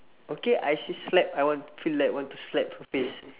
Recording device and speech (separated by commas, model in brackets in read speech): telephone, conversation in separate rooms